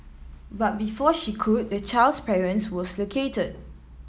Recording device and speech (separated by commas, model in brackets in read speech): mobile phone (iPhone 7), read sentence